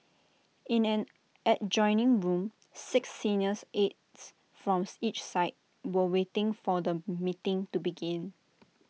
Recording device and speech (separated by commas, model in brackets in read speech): mobile phone (iPhone 6), read sentence